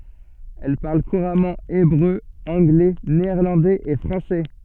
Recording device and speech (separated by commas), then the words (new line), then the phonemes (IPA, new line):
soft in-ear microphone, read sentence
Elle parle couramment hébreu, anglais, néerlandais et français.
ɛl paʁl kuʁamɑ̃ ebʁø ɑ̃ɡlɛ neɛʁlɑ̃dɛz e fʁɑ̃sɛ